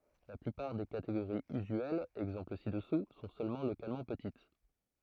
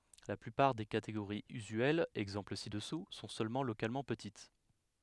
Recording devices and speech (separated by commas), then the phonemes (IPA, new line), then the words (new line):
throat microphone, headset microphone, read sentence
la plypaʁ de kateɡoʁiz yzyɛlz ɛɡzɑ̃pl si dəsu sɔ̃ sølmɑ̃ lokalmɑ̃ pətit
La plupart des catégories usuelles — exemples ci-dessous — sont seulement localement petites.